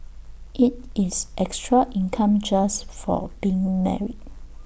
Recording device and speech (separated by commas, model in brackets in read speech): boundary microphone (BM630), read sentence